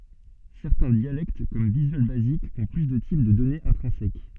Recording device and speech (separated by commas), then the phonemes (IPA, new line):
soft in-ear microphone, read sentence
sɛʁtɛ̃ djalɛkt kɔm vizyal bazik ɔ̃ ply də tip də dɔnez ɛ̃tʁɛ̃sɛk